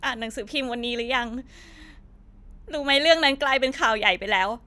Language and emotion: Thai, sad